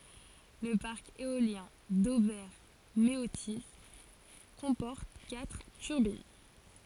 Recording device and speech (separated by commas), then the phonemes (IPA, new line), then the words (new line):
forehead accelerometer, read sentence
lə paʁk eoljɛ̃ dovɛʁ meoti kɔ̃pɔʁt katʁ tyʁbin
Le parc éolien d'Auvers-Méautis comporte quatre turbines.